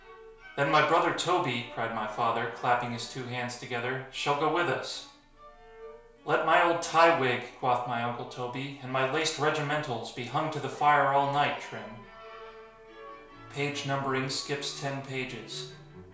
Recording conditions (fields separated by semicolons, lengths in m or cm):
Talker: one person; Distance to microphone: 1.0 m; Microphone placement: close; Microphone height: 1.1 m; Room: small (3.7 m by 2.7 m); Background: music